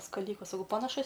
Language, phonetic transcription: Lithuanian, skaˈlikas saˈkau panaˈšus

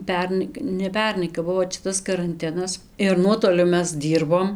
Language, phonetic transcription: Lithuanian, ˈpernai ne ˈpernai kap ˈbuvo čia ˈtas karanˈtinas ir ˈnuotoliu ˈmes ˈdyrbom

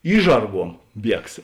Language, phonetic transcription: Lithuanian, ˈyšžarˌguom ˈbiegs

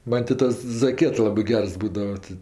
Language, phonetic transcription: Lithuanian, ˈman' ti ˈtas zaˈkiet ˈlabɜ ˈgers ˈbūdava ti

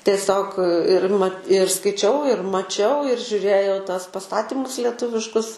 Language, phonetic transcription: Lithuanian, tieˈsiog ir ma ir skaiˈčiau ir maˈčiau ir žiuˈrėjau tuos paˈstatimus leˈtuviškus

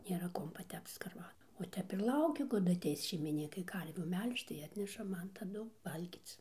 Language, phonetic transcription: Lithuanian, nėˈra ˈkuom paˈtepc skarˈvadu va ˈtep ir ˈlauki kaˈdu aˈteis šeimiˈnykai ˈkarvių ˈmel'žč tai ˈatneša ˈman taˈdu ˈvalgyc

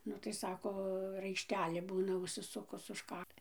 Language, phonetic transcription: Lithuanian, ˈnu tai ˈsako raišˈtelė ˈbūna užsiˈsukus už ˈkak

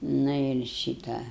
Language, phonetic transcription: Lithuanian, ˈnu ir ˈšyta

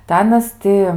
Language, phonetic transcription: Lithuanian, tai ˈanas ˈti

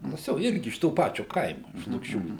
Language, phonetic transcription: Lithuanian, ˈtas jau ˈirgi iš to ˈpačio ˈkaimu iš lukˈšių

